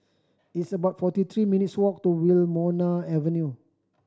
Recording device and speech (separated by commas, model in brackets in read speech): standing microphone (AKG C214), read sentence